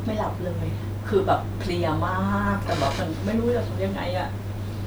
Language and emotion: Thai, sad